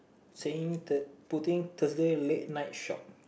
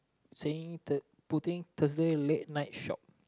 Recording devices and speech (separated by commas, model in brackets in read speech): boundary microphone, close-talking microphone, conversation in the same room